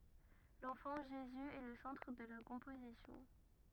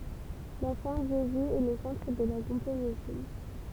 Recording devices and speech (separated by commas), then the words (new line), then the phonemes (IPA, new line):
rigid in-ear microphone, temple vibration pickup, read sentence
L’enfant Jésus est le centre de la composition.
lɑ̃fɑ̃ ʒezy ɛ lə sɑ̃tʁ də la kɔ̃pozisjɔ̃